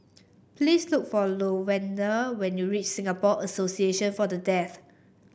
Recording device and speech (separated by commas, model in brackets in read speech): boundary microphone (BM630), read sentence